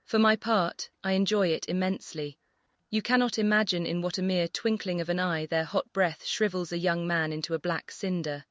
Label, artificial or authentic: artificial